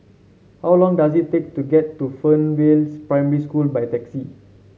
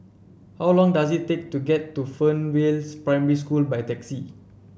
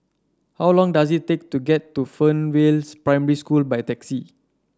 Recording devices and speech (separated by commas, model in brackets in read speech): mobile phone (Samsung C7), boundary microphone (BM630), standing microphone (AKG C214), read sentence